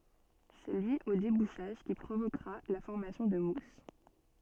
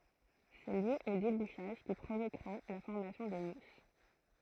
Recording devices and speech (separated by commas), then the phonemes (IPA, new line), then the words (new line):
soft in-ear microphone, throat microphone, read sentence
sɛ lyi o debuʃaʒ ki pʁovokʁa la fɔʁmasjɔ̃ də mus
C'est lui au débouchage qui provoquera la formation de mousse.